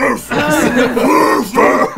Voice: Deep voice